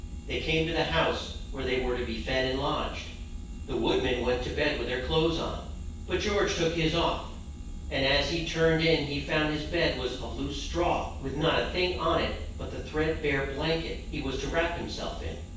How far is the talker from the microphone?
9.8 m.